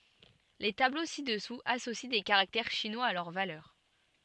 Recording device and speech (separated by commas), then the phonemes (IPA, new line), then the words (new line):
soft in-ear microphone, read sentence
le tablo sidɛsuz asosi de kaʁaktɛʁ ʃinwaz a lœʁ valœʁ
Les tableaux ci-dessous associent des caractères chinois à leur valeur.